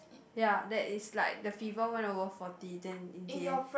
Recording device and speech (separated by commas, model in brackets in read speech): boundary microphone, conversation in the same room